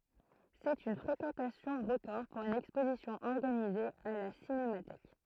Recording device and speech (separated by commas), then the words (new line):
throat microphone, read sentence
C'est une fréquentation record pour une exposition organisée à la Cinémathèque.